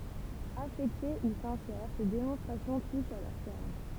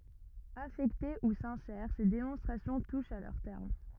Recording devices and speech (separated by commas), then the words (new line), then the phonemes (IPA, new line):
temple vibration pickup, rigid in-ear microphone, read sentence
Affectées ou sincères, ces démonstrations touchent à leur terme.
afɛkte u sɛ̃sɛʁ se demɔ̃stʁasjɔ̃ tuʃt a lœʁ tɛʁm